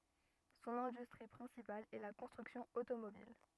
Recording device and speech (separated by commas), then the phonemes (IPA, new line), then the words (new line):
rigid in-ear microphone, read sentence
sɔ̃n ɛ̃dystʁi pʁɛ̃sipal ɛ la kɔ̃stʁyksjɔ̃ otomobil
Son industrie principale est la construction automobile.